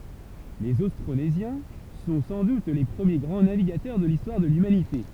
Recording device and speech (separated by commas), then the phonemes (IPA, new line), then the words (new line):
temple vibration pickup, read sentence
lez ostʁonezjɛ̃ sɔ̃ sɑ̃ dut le pʁəmje ɡʁɑ̃ naviɡatœʁ də listwaʁ də lymanite
Les Austronésiens sont sans doute les premiers grands navigateurs de l'histoire de l'humanité.